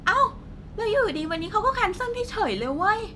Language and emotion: Thai, frustrated